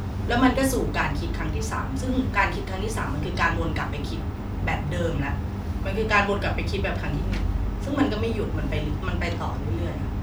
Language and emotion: Thai, frustrated